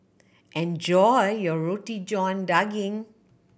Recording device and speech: boundary microphone (BM630), read sentence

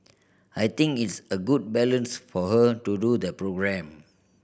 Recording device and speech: boundary microphone (BM630), read sentence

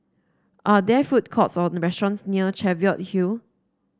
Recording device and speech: standing microphone (AKG C214), read sentence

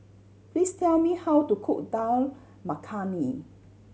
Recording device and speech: mobile phone (Samsung C7100), read sentence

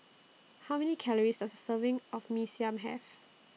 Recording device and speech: mobile phone (iPhone 6), read sentence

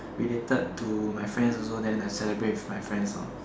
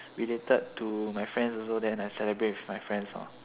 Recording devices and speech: standing microphone, telephone, conversation in separate rooms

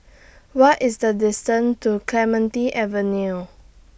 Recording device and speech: boundary microphone (BM630), read sentence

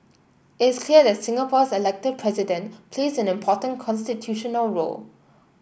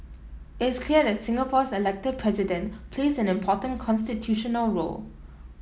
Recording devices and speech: boundary microphone (BM630), mobile phone (iPhone 7), read sentence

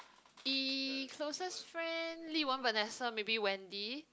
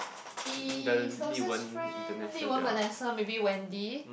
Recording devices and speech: close-talking microphone, boundary microphone, conversation in the same room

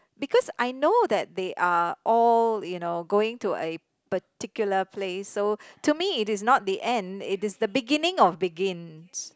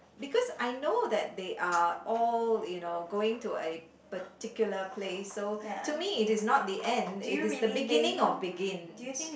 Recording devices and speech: close-talking microphone, boundary microphone, conversation in the same room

